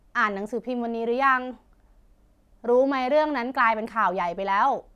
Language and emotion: Thai, frustrated